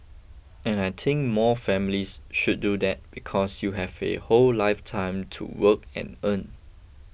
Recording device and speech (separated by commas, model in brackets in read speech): boundary microphone (BM630), read sentence